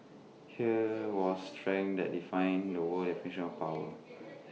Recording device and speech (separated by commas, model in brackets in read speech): mobile phone (iPhone 6), read sentence